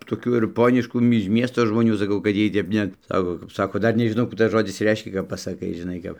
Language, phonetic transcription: Lithuanian, toˈkių ir ˈponiškų mi iž ˈmiesto žmoˈnių saˈkau kad ˈjiej tep ˈnet ˈsako kap ˈsako tai ˈdar nežiˈnau ˈkų tas ˈžodis ˈreiškia kap pasaˈkai žiˈnai kap

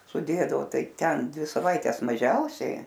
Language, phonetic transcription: Lithuanian, suˈdėdavo ˈtai ˈten ˈdvi saˈvaites maˈžiausiai

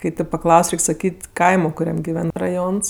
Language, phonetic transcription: Lithuanian, kai teip paˈklaus' ˈreik' saˈkyt' ˈkaimo kuˈriam giˈven raˈjons

